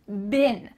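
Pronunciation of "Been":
'Been' is said with a short i sound, so it sounds like 'bin'.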